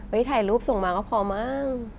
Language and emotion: Thai, happy